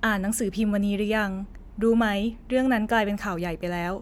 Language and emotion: Thai, neutral